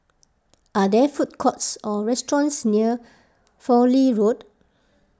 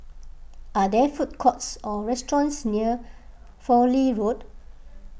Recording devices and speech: close-talking microphone (WH20), boundary microphone (BM630), read sentence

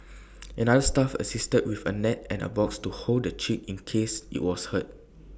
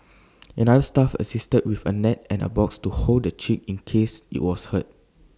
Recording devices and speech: boundary microphone (BM630), standing microphone (AKG C214), read sentence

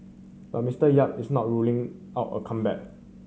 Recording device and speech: mobile phone (Samsung C7100), read sentence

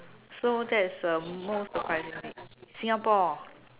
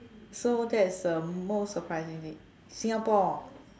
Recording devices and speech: telephone, standing microphone, conversation in separate rooms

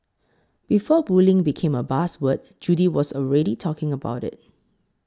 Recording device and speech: close-talking microphone (WH20), read sentence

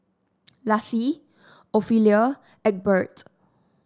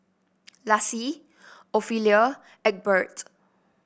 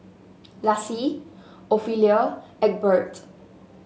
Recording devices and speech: standing microphone (AKG C214), boundary microphone (BM630), mobile phone (Samsung S8), read sentence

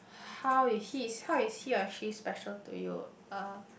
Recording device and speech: boundary microphone, conversation in the same room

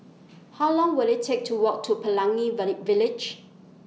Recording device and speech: mobile phone (iPhone 6), read sentence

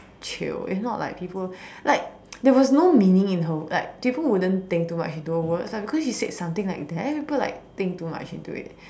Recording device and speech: standing microphone, conversation in separate rooms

